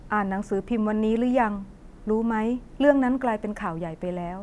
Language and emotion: Thai, neutral